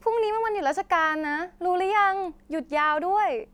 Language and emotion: Thai, happy